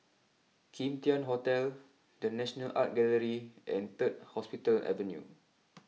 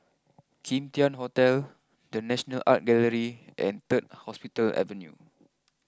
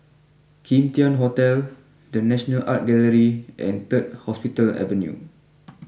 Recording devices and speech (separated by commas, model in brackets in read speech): mobile phone (iPhone 6), close-talking microphone (WH20), boundary microphone (BM630), read sentence